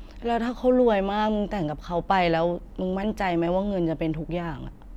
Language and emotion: Thai, frustrated